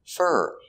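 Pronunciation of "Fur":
The word 'for' is said unstressed here, so it is pronounced 'fur'.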